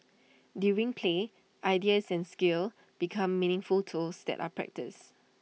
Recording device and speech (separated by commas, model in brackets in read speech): mobile phone (iPhone 6), read sentence